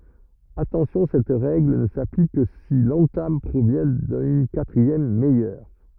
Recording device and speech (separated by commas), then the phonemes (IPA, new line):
rigid in-ear microphone, read sentence
atɑ̃sjɔ̃ sɛt ʁɛɡl nə saplik kə si lɑ̃tam pʁovjɛ̃ dyn katʁiɛm mɛjœʁ